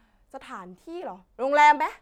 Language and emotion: Thai, angry